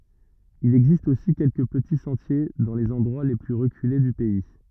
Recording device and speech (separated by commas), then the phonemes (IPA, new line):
rigid in-ear microphone, read sentence
il ɛɡzist osi kɛlkə pəti sɑ̃tje dɑ̃ lez ɑ̃dʁwa le ply ʁəkyle dy pɛi